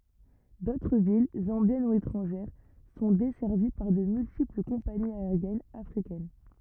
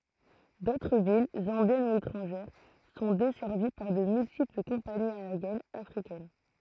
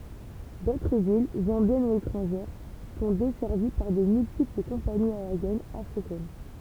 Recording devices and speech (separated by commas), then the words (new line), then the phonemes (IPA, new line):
rigid in-ear microphone, throat microphone, temple vibration pickup, read sentence
D'autres villes, zambiennes ou étrangères, sont desservies par de multiples compagnies aériennes africaines.
dotʁ vil zɑ̃bjɛn u etʁɑ̃ʒɛʁ sɔ̃ dɛsɛʁvi paʁ də myltipl kɔ̃paniz aeʁjɛnz afʁikɛn